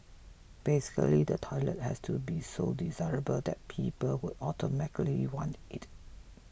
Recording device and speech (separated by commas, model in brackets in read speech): boundary microphone (BM630), read sentence